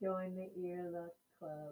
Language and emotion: English, happy